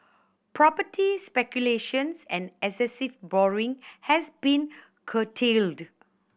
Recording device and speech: boundary microphone (BM630), read sentence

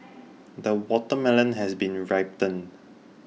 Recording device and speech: mobile phone (iPhone 6), read sentence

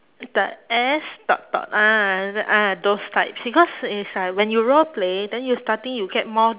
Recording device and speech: telephone, conversation in separate rooms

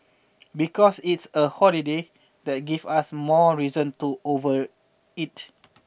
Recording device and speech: boundary microphone (BM630), read sentence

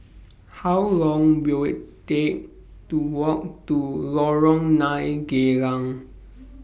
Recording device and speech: boundary microphone (BM630), read sentence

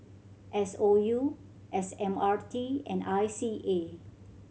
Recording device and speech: mobile phone (Samsung C7100), read sentence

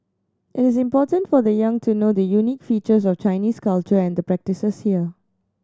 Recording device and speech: standing microphone (AKG C214), read sentence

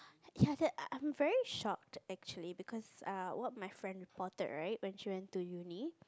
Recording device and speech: close-talking microphone, conversation in the same room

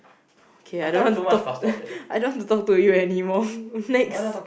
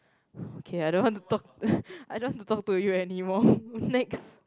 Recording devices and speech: boundary microphone, close-talking microphone, conversation in the same room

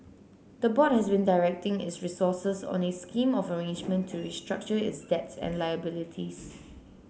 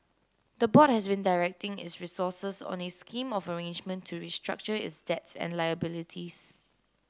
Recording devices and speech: mobile phone (Samsung C9), close-talking microphone (WH30), read sentence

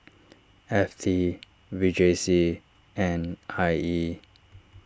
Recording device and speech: standing microphone (AKG C214), read sentence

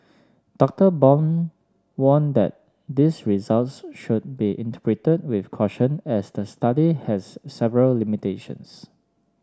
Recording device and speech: standing microphone (AKG C214), read sentence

